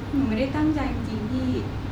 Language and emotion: Thai, sad